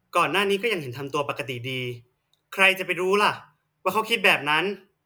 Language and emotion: Thai, frustrated